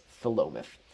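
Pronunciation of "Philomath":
'Philomath' is pronounced correctly here.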